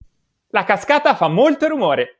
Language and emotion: Italian, happy